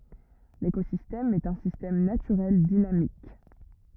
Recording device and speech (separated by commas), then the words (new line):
rigid in-ear microphone, read sentence
L'écosystème est un système naturel dynamique.